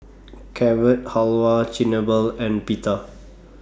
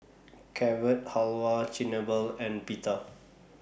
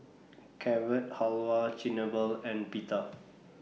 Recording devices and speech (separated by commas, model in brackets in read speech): standing microphone (AKG C214), boundary microphone (BM630), mobile phone (iPhone 6), read sentence